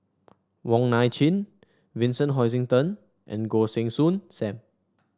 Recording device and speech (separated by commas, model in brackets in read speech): standing microphone (AKG C214), read sentence